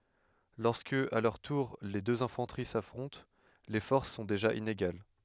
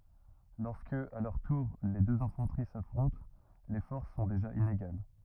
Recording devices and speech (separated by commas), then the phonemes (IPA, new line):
headset microphone, rigid in-ear microphone, read sentence
lɔʁskə a lœʁ tuʁ le døz ɛ̃fɑ̃təʁi safʁɔ̃t le fɔʁs sɔ̃ deʒa ineɡal